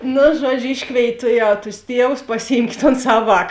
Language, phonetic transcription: Lithuanian, ˈnu ˈžuodžiu ˈiškvėit' ˈtuˌjau tus ˈtievus pasiˈjymkėt ton ˈsav ˈvāk

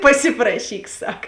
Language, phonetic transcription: Lithuanian, paˈsiprašyk ˈsak

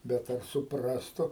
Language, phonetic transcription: Lithuanian, ˈbet ˈar suˈprastu

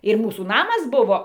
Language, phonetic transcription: Lithuanian, ir ˈmūsų ˈnamas ˈbuvo

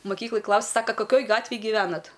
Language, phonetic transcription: Lithuanian, maˈkyklaj ˈklaus' ˈsaka kaˈkioj ˈgatvėj gyˈvenat

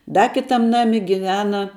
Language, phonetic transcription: Lithuanian, ˈda ˈkitam ˈnami giˈvena

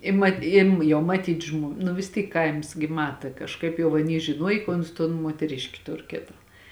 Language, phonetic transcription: Lithuanian, i ˈma im ˈjau maˈtyt žmo nu vis ˈtyk ˈkaims gi ˈmata kažˈkaip jau aˈny žiˈnuoj ka ˈuns ton muoteˈriški ˈtur ˈkėta

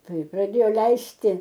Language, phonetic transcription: Lithuanian, ˈtai praˈdėjo ˈleisti

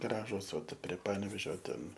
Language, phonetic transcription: Lithuanian, ˈgražus o prie ˈpanevėžio ˈten

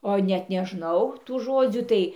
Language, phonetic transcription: Lithuanian, o net neˈžnau tų ˈžodzių ˈtai

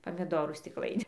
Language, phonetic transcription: Lithuanian, pamiˈdorų stikˈlainin

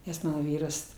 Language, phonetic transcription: Lithuanian, nes ˈmano ˈvyras

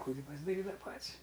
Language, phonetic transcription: Lithuanian, ti ˈkūji pasdaˈrydava ˈpat's'

